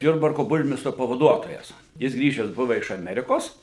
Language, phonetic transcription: Lithuanian, ˈjurbarko ˈburmistro pavaˈduotojas ˈjis ˈgrįžes ˈbuva iš aˈmerikos

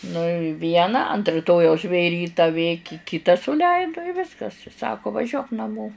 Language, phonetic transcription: Lithuanian, nu i ˈvieną ant riˈtojaus vė ˈryta vė ki ˈkita suˈleidu i ˈviskas ˈsako vaˈžiuok naˈmo

